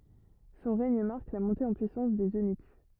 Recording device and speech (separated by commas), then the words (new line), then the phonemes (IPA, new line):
rigid in-ear microphone, read sentence
Son règne marque la montée en puissance des eunuques.
sɔ̃ ʁɛɲ maʁk la mɔ̃te ɑ̃ pyisɑ̃s dez ønyk